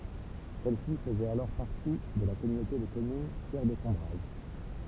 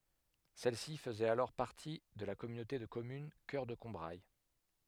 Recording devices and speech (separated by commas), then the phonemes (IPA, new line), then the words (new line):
temple vibration pickup, headset microphone, read sentence
sɛlsi fəzɛt alɔʁ paʁti də la kɔmynote də kɔmyn kœʁ də kɔ̃bʁaj
Celle-ci faisait alors partie de la communauté de communes Cœur de Combrailles.